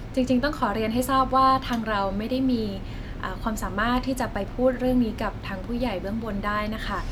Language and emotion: Thai, neutral